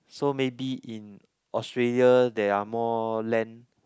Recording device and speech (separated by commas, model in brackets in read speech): close-talking microphone, conversation in the same room